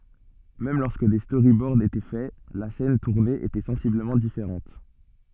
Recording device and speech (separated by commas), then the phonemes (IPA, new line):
soft in-ear microphone, read sentence
mɛm lɔʁskə de stoʁibɔʁd etɛ fɛ la sɛn tuʁne etɛ sɑ̃sibləmɑ̃ difeʁɑ̃t